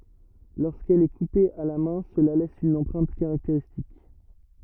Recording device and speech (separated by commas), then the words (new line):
rigid in-ear microphone, read sentence
Lorsqu'elle est coupée à la main cela laisse une empreinte caractéristique.